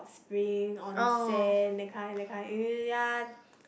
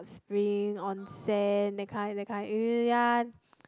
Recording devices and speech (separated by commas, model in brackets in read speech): boundary microphone, close-talking microphone, conversation in the same room